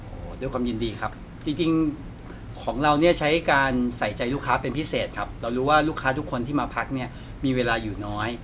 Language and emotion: Thai, neutral